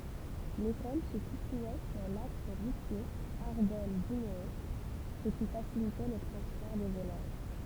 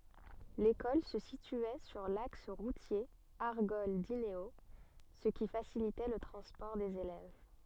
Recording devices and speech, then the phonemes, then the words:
temple vibration pickup, soft in-ear microphone, read sentence
lekɔl sə sityɛ syʁ laks ʁutje aʁɡɔl dineo sə ki fasilitɛ lə tʁɑ̃spɔʁ dez elɛv
L'école se situait sur l'axe routier Argol-Dinéault, ce qui facilitait le transport des élèves.

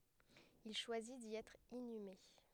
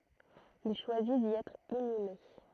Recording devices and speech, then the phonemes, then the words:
headset microphone, throat microphone, read sentence
il ʃwazi di ɛtʁ inyme
Il choisit d'y être inhumé.

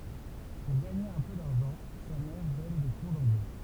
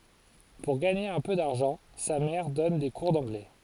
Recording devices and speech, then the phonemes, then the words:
temple vibration pickup, forehead accelerometer, read sentence
puʁ ɡaɲe œ̃ pø daʁʒɑ̃ sa mɛʁ dɔn de kuʁ dɑ̃ɡlɛ
Pour gagner un peu d'argent, sa mère donne des cours d'anglais.

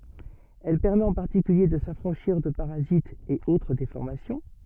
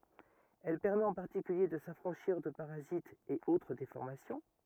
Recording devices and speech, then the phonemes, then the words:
soft in-ear microphone, rigid in-ear microphone, read sentence
ɛl pɛʁmɛt ɑ̃ paʁtikylje də safʁɑ̃ʃiʁ də paʁazitz e otʁ defɔʁmasjɔ̃
Elle permet en particulier de s'affranchir de parasites et autre déformations.

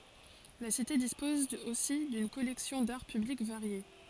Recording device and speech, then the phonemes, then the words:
forehead accelerometer, read sentence
la site dispɔz osi dyn kɔlɛksjɔ̃ daʁ pyblik vaʁje
La cité dispose aussi d'une collection d'Art Public variée.

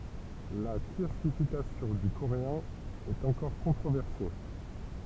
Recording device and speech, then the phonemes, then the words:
temple vibration pickup, read sentence
la klasifikasjɔ̃ dy koʁeɛ̃ ɛt ɑ̃kɔʁ kɔ̃tʁovɛʁse
La classification du coréen est encore controversée.

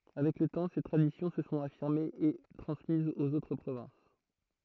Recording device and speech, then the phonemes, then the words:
throat microphone, read sentence
avɛk lə tɑ̃ se tʁadisjɔ̃ sə sɔ̃t afiʁmez e tʁɑ̃smizz oz otʁ pʁovɛ̃s
Avec le temps, ces traditions se sont affirmées et transmises aux autres provinces.

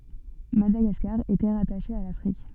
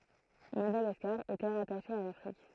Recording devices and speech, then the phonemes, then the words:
soft in-ear microphone, throat microphone, read sentence
madaɡaskaʁ etɛ ʁataʃe a lafʁik
Madagascar était rattachée à l'Afrique.

